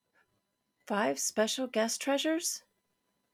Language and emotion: English, surprised